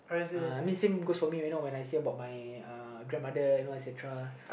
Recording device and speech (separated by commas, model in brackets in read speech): boundary microphone, conversation in the same room